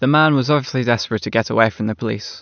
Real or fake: real